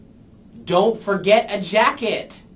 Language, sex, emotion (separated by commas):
English, male, angry